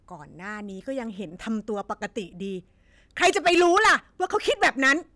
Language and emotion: Thai, angry